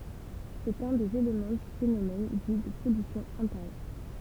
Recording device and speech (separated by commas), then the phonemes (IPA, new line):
temple vibration pickup, read sentence
sɛt œ̃ dez elemɑ̃ dy fenomɛn di də pɔlysjɔ̃ ɛ̃teʁjœʁ